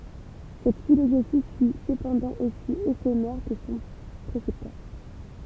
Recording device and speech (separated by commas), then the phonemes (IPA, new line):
temple vibration pickup, read sentence
sɛt filozofi fy səpɑ̃dɑ̃ osi efemɛʁ kə sɔ̃ pʁesɛptœʁ